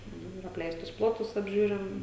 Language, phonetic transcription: Lithuanian, ˈnu ir apˈleistus ˈplotus apˈžiūrim

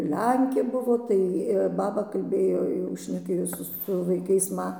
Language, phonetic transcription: Lithuanian, ˈlenkė ˈbuvo tai ˈbaba kalˈbėjo jau šneˈkėjo su su vaiˈkais ˈma

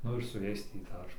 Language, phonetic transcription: Lithuanian, ˈnu ir su ˈjais ˈtį ˈdar

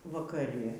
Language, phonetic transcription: Lithuanian, vakaˈri

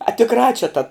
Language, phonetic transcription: Lithuanian, a tikˈrā čia ta

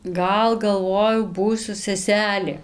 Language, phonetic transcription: Lithuanian, ˈgal galˈvojau ˈbūsiu seˈselė

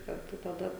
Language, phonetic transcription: Lithuanian, karˈtu taˈda

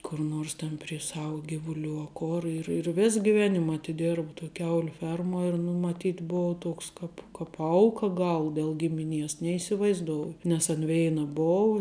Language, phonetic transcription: Lithuanian, kur ˈnors ˈten prie ˈsau ˈgivuˌlių a ˈkor ir ir ˈvės giˈvenim atiˈdėrb toj ˈkiauliu ˈfermuo ir nu maˈtyt' ˈbou ˈtuoks ˈkap kap ˈauka ˈgal del ˈgimiˌnies neįsivaizˈdouju nes an ˈveina ˈbou

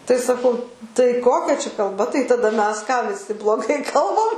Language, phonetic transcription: Lithuanian, tai saˈkau tai ˈkokia čia kalˈba tai taˈda ˈmes ką viˈsi bloˈgai ˈkalbam

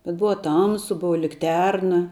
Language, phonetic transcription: Lithuanian, bet ˈbuva ˈtamsu ˈbuva likˈterna

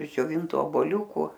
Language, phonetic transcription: Lithuanian, iš džioˈvintu oboˈliūku

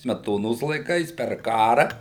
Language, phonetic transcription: Lithuanian, smeˈtonos laiˈkais per ˈkara

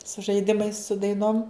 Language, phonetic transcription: Lithuanian, su žaiˈdimais su daiˈnom

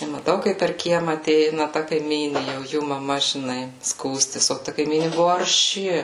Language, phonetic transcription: Lithuanian, i maˈtau kaip per ˈkiema aˈteina ta kaiˈmynė jau ˈjų maˈma žiˈnai ˈskųstis o ˈta kaiˈmyni ˈbuvu arˈši

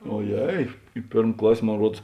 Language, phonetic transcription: Lithuanian, oˈjei i ˈpėrm ˈklas' mon ˈruods

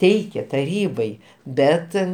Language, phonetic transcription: Lithuanian, ˈteikė taˈrybai ˈbet

